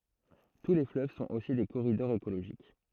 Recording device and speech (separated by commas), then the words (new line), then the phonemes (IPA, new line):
throat microphone, read sentence
Tous les fleuves sont aussi des corridors écologiques.
tu le fløv sɔ̃t osi de koʁidɔʁz ekoloʒik